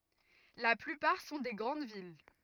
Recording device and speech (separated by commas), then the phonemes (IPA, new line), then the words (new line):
rigid in-ear microphone, read sentence
la plypaʁ sɔ̃ de ɡʁɑ̃d vil
La plupart sont des grandes villes.